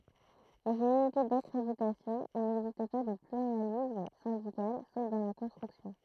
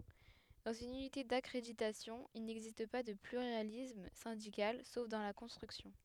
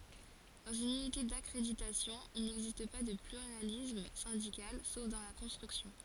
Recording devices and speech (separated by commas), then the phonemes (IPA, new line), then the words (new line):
throat microphone, headset microphone, forehead accelerometer, read sentence
dɑ̃z yn ynite dakʁeditasjɔ̃ il nɛɡzist pa də plyʁalism sɛ̃dikal sof dɑ̃ la kɔ̃stʁyksjɔ̃
Dans une unité d'accréditation il n'existe pas de pluralisme syndical, sauf dans la construction.